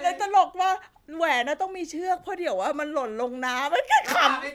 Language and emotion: Thai, happy